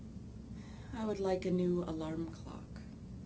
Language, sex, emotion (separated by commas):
English, female, sad